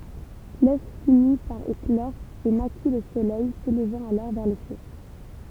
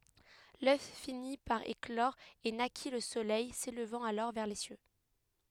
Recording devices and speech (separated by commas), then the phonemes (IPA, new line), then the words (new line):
temple vibration pickup, headset microphone, read sentence
lœf fini paʁ eklɔʁ e naki lə solɛj selvɑ̃t alɔʁ vɛʁ le sjø
L'œuf finit par éclore et naquit le soleil, s'élevant alors vers les cieux.